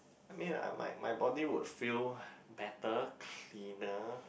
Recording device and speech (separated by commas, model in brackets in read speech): boundary microphone, conversation in the same room